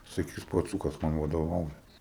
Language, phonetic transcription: Lithuanian, saˈkys paˈcūkas ˈman vadoˈvauja

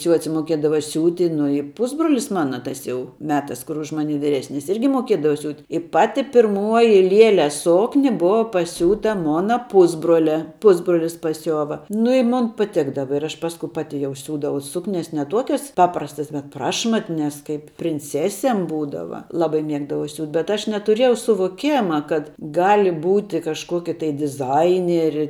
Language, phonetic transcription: Lithuanian, ˈciuoci moˈkiedava ˈsiūti ˈnu i ˈpusbrolis ˈmana ˈtas jau ˈmetas kur už ˈmani viˈresnis ˈirgi moˈkiedava siūt' i ˈpati pirˈmuoji ˈlieles ˈsokni ˈbova paˈsiūta ˈmona ˈpusbrolia ˈpusbrolis paˈsiova nu i ˈmon paˈtikdava ir aš ˈpasku ˈpati jau ˈsiūdavau ˈsuknias ne ˈtuokias ˈpaprastas bet ˈprašmatnias ˈkaip prinˈcesėm ˈbūdava ˈlabai ˈmiegdavau siūt' bet ˈaš netuˈrėjau suvoˈkema kad ˈgali ˈbūti kažˈkoki tai diˈzaineri

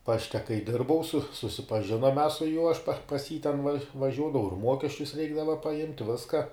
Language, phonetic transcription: Lithuanian, ˈpašte kai ˈdirbau su susipaˈžinom mes su juo aš pa pas jį ten vaˈžiuodavau ir ˈmuokesčius ˈreikdava paˈimt' ˈviska

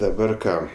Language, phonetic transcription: Lithuanian, daˈbar ˈką

